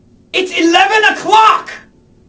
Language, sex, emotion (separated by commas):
English, male, angry